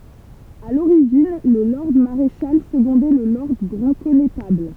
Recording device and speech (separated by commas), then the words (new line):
temple vibration pickup, read sentence
À l'origine, le lord maréchal secondait le lord grand connétable.